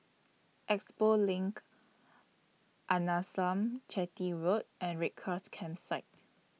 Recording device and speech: mobile phone (iPhone 6), read sentence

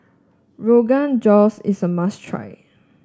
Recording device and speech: standing microphone (AKG C214), read sentence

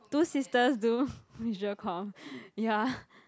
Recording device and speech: close-talking microphone, conversation in the same room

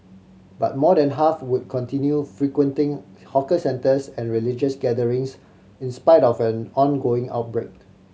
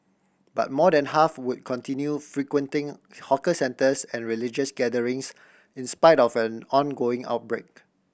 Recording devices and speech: mobile phone (Samsung C7100), boundary microphone (BM630), read sentence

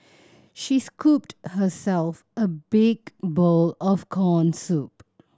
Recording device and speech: standing microphone (AKG C214), read sentence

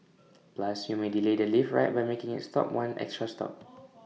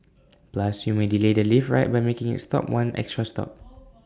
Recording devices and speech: mobile phone (iPhone 6), standing microphone (AKG C214), read sentence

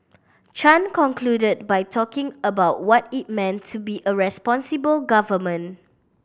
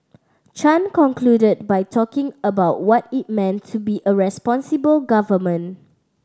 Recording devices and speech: boundary microphone (BM630), standing microphone (AKG C214), read sentence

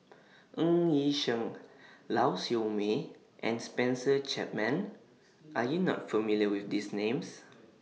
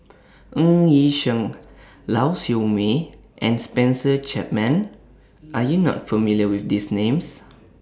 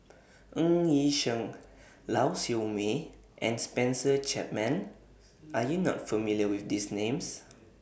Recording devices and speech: mobile phone (iPhone 6), standing microphone (AKG C214), boundary microphone (BM630), read sentence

